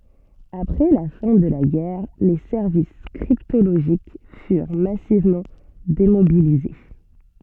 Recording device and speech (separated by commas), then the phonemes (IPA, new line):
soft in-ear microphone, read sentence
apʁɛ la fɛ̃ də la ɡɛʁ le sɛʁvis kʁiptoloʒik fyʁ masivmɑ̃ demobilize